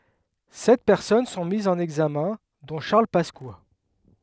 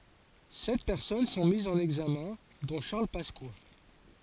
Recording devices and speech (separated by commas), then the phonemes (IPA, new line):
headset microphone, forehead accelerometer, read sentence
sɛt pɛʁsɔn sɔ̃ mizz ɑ̃n ɛɡzamɛ̃ dɔ̃ ʃaʁl paska